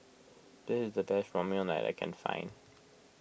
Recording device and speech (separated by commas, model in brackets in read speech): boundary microphone (BM630), read sentence